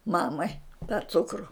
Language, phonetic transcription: Lithuanian, ˈmamai tą ˈcukru

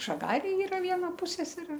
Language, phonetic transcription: Lithuanian, žaˈgarėj ˈyra ˈviena ˈpuseserė

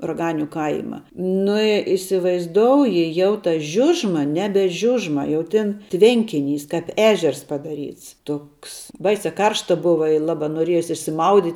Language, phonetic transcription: Lithuanian, raˈganiu ˈkaima ˈnu i isivaizˈdouji jau ta ˈžiužma ˈnebe ˈžiužma jau ˈtin ˈtvenkiˌnys kap ˈežers padaˈryts ˈtoks ˈbaisia ˈkaršta ˈbuva i ˈlaba noˈriejos išsiˈmaudyt'

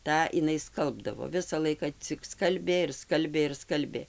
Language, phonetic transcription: Lithuanian, ˈtą iˈnai ˈskalbdavo ˈvisa ˈlaika cik ˈskalbė ir ˈskalbė ir ˈskalbė

